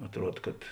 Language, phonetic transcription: Lithuanian, atˈruod kad

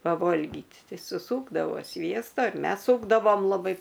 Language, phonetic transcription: Lithuanian, paˈvolgyt ˈtei suˈsūkdavo ˈsviesta ir ˈmes ˈsūkdavom laˈbai

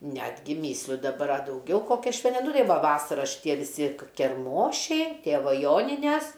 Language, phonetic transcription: Lithuanian, ˈnetgi ˈmysliu daˈbar a dauˈgiau kokią ˈšven ˈnu ˈtai ˈva ˈvasara šiˈtie viˈsi kerˈmošiai ˈtėva ˈjoninæs

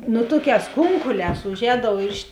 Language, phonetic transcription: Lithuanian, ˈnu ˈtuokēs ˈkunkulēs uˈžēdau ir iš

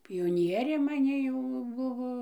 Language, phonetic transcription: Lithuanian, pijoˈnierė maˈni jau ˈbuvo

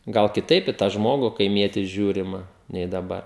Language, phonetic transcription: Lithuanian, gal kiˈtaip i tą ˈžmogu kaiˈmietį ˈžiūrima nei daˈbar

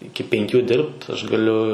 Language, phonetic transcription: Lithuanian, ˈiki penˈkių ˈdirbt ˈaš gaˈliu

